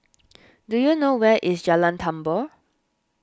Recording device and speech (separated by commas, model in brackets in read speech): standing microphone (AKG C214), read sentence